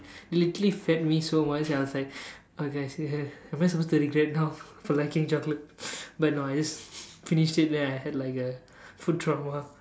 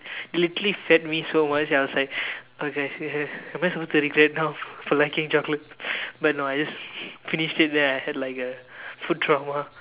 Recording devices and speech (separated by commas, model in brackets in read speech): standing microphone, telephone, conversation in separate rooms